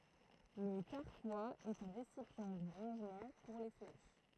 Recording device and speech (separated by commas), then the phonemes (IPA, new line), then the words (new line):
throat microphone, read sentence
lə kaʁkwaz ɛt œ̃ ʁesipjɑ̃ də ʁɑ̃ʒmɑ̃ puʁ le flɛʃ
Le carquois est un récipient de rangement pour les flèches.